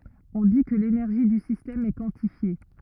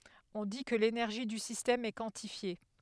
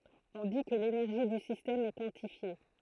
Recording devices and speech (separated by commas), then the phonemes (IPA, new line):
rigid in-ear microphone, headset microphone, throat microphone, read sentence
ɔ̃ di kə lenɛʁʒi dy sistɛm ɛ kwɑ̃tifje